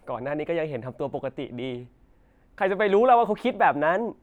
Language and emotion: Thai, frustrated